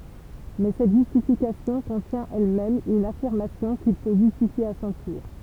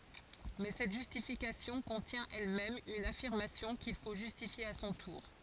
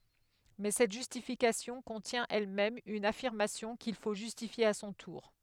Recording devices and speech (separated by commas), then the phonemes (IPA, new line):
temple vibration pickup, forehead accelerometer, headset microphone, read sentence
mɛ sɛt ʒystifikasjɔ̃ kɔ̃tjɛ̃ ɛlmɛm yn afiʁmasjɔ̃ kil fo ʒystifje a sɔ̃ tuʁ